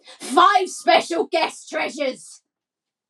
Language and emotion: English, angry